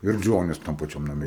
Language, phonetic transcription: Lithuanian, ir ˈdžonis tam paˈčiam naˈme

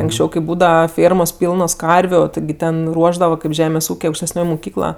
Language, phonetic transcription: Lithuanian, anksˈčiau kai ˈbūdava ˈfėrmos ˈpylnos ˈkarviu ˈtigi ˈten ˈruošdava kaip ˈžemės ˈūkė aukštesˈnioj muˈkykla

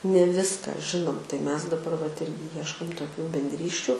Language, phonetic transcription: Lithuanian, ne ˈviska ˈžinom tai ˈmes daˈbar vat ˈirgi ˈjieškom toˈkių bendˈrysčių

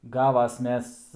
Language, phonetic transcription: Lithuanian, ˈgavas ˈmes

